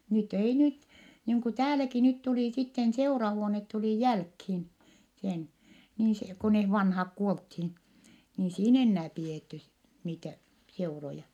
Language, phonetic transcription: Finnish, nyt ‿ei nyt , niiŋ ku tääläki nyt tulì sitten seurahuonet tulì jälkhin , sen , niin se , ko neh vanhak kuolthin , ni ei siin ‿ennää pi₍ètty (sit) niitä , seuroja .
- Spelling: nyt ei nyt niin kuin täälläkin nyt tuli sitten seurahuone tuli jälkiin sen niin se kun ne vanhat kuoltiin niin ei siinä enää pidetty sitten niitä seuroja

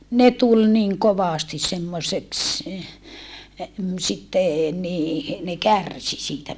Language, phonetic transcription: Finnish, ne tul niŋ kovàsti semmoseks , sitte , nii , ne kärsi siitä .
- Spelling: ne tuli niin kovasti semmoiseksi sitten niin ne kärsi siitä

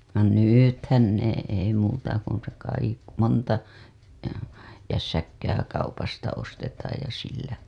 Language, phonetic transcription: Finnish, no "nỳthän nè ei muuta kun̬ se kaik- , monta , jässäkkää kaupasta ostetaaj ja sillä .
- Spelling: no nythän ne ei muuta kuin se - monta jässäkkää kaupasta ostetaan ja sillä

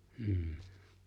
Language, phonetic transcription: Finnish, m̥h .
- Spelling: mm

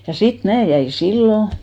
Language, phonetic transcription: Finnish, ja 'sit 'mää jäin̬ 'sillo ,.
- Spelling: ja sitten minä jäin silloin

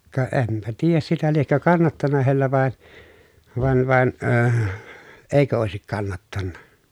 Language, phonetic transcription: Finnish, ka ʼempä tiijäs sitä liekkö kannattana heillä vàe , van van , ööh , èikö òesik kannattanna .
- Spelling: ka enpä tiedä sitä liekö kannattanut heillä vain vaan vaan - eikö olisi kannattanut

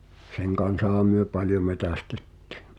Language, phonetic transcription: Finnish, 'seŋ kan̬saha myö "paljo 'metästettɪ̳ .
- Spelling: sen kanssahan me paljon metsästettiin

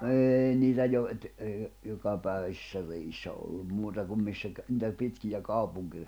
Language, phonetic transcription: Finnish, 'eei niitä jo- et₍ əə , 'jokapä̀eᵛäsⁱssä 'reʲissä ollum 'muuta kum missä kä- , nⁱtä , 'pitkijä 'kàupuŋki- ,.
- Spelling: ei niitä - että - jokapäiväisissä reissä ollut muuta kuin missä - niitä pitkiä -

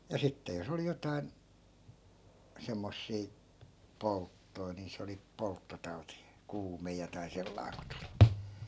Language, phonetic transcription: Finnish, ja 'sitte jos ‿oli 'jotai̮n , 'semmossii , "polttoi nii 'se oli 'polttotau̬ti , 'kuume jotai̮ 'sellai̮ ku tULI .
- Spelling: ja sitten jos oli jotakin semmoisia polttoja niin se oli polttotauti kuume jotakin sellainen kun tuli

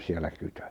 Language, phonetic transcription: Finnish, 'siel̆lä 'kytö .
- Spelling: siellä kytö

